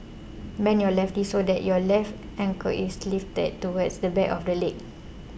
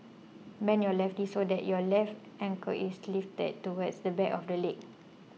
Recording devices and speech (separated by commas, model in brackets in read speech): boundary microphone (BM630), mobile phone (iPhone 6), read sentence